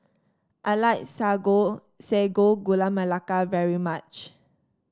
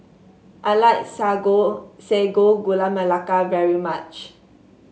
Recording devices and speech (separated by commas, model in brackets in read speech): standing microphone (AKG C214), mobile phone (Samsung S8), read sentence